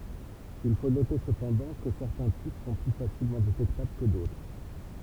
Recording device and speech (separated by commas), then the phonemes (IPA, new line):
temple vibration pickup, read sentence
il fo note səpɑ̃dɑ̃ kə sɛʁtɛ̃ tip sɔ̃ ply fasilmɑ̃ detɛktabl kə dotʁ